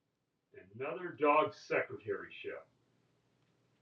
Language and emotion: English, angry